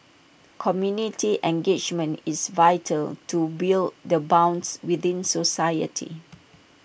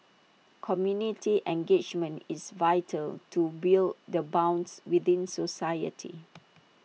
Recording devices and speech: boundary microphone (BM630), mobile phone (iPhone 6), read sentence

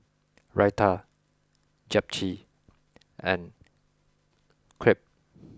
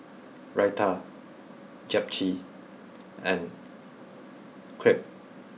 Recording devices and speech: close-talking microphone (WH20), mobile phone (iPhone 6), read sentence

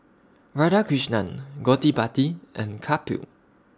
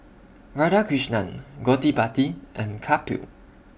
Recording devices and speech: standing microphone (AKG C214), boundary microphone (BM630), read sentence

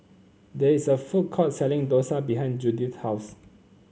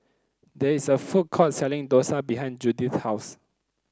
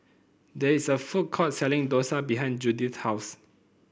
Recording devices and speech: mobile phone (Samsung C9), close-talking microphone (WH30), boundary microphone (BM630), read sentence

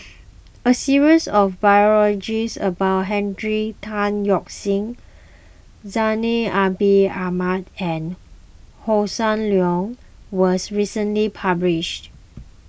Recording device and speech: boundary microphone (BM630), read sentence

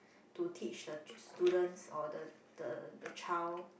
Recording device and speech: boundary microphone, conversation in the same room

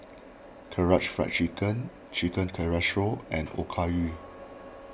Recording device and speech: boundary microphone (BM630), read sentence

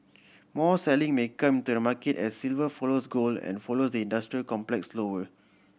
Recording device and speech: boundary microphone (BM630), read sentence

